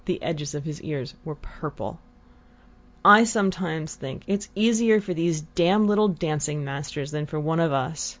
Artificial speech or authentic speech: authentic